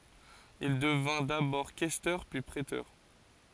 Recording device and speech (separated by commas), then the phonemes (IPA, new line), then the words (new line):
forehead accelerometer, read sentence
il dəvɛ̃ dabɔʁ kɛstœʁ pyi pʁetœʁ
Il devint d'abord questeur, puis préteur.